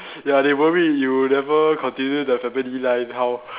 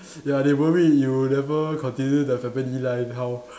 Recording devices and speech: telephone, standing microphone, conversation in separate rooms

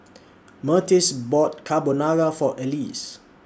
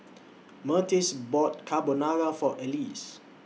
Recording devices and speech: standing microphone (AKG C214), mobile phone (iPhone 6), read sentence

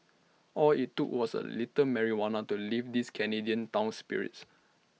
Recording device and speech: mobile phone (iPhone 6), read sentence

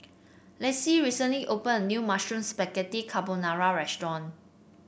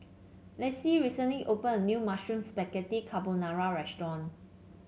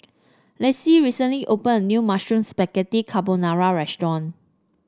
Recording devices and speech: boundary microphone (BM630), mobile phone (Samsung C7), standing microphone (AKG C214), read sentence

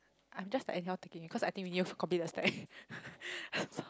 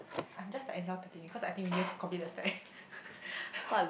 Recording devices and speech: close-talking microphone, boundary microphone, conversation in the same room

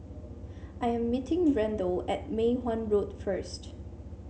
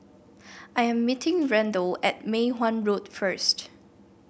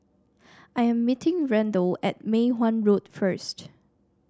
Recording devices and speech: mobile phone (Samsung C7), boundary microphone (BM630), standing microphone (AKG C214), read sentence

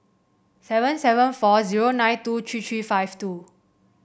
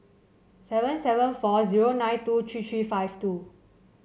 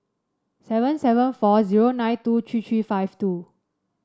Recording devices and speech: boundary microphone (BM630), mobile phone (Samsung C7), standing microphone (AKG C214), read sentence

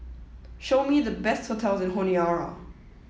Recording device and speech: mobile phone (iPhone 7), read sentence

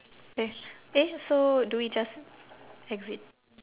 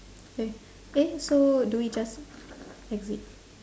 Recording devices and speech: telephone, standing microphone, conversation in separate rooms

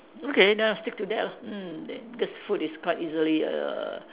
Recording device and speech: telephone, conversation in separate rooms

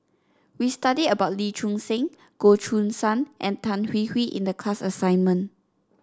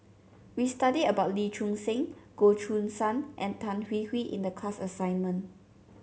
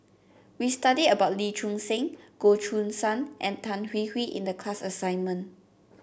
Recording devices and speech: standing microphone (AKG C214), mobile phone (Samsung C7), boundary microphone (BM630), read sentence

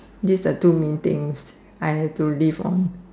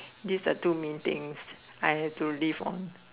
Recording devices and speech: standing microphone, telephone, conversation in separate rooms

